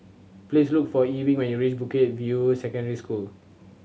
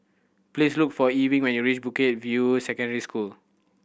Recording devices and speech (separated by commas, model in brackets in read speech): mobile phone (Samsung C7100), boundary microphone (BM630), read sentence